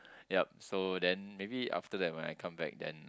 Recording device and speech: close-talking microphone, conversation in the same room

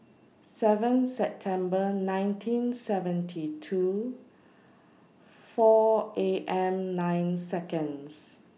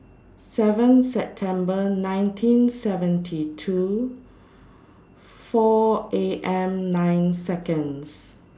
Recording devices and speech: mobile phone (iPhone 6), standing microphone (AKG C214), read sentence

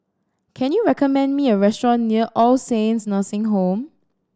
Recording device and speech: standing microphone (AKG C214), read sentence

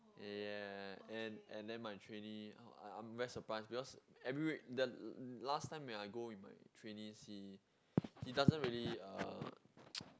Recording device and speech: close-talking microphone, conversation in the same room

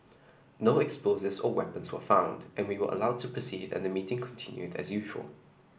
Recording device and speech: boundary microphone (BM630), read sentence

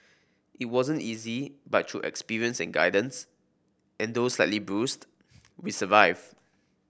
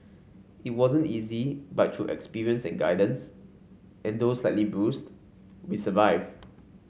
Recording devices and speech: boundary microphone (BM630), mobile phone (Samsung C5), read sentence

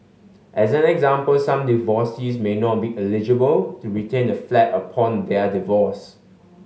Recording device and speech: mobile phone (Samsung S8), read sentence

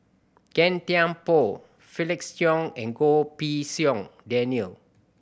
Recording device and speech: boundary microphone (BM630), read sentence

